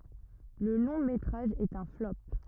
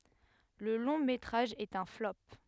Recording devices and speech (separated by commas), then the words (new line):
rigid in-ear microphone, headset microphone, read sentence
Le long métrage est un flop.